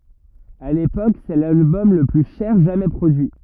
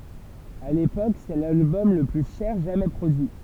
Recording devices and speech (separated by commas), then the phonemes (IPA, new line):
rigid in-ear microphone, temple vibration pickup, read sentence
a lepok sɛ lalbɔm lə ply ʃɛʁ ʒamɛ pʁodyi